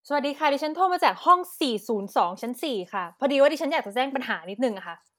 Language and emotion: Thai, angry